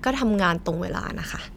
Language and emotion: Thai, frustrated